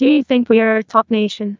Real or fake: fake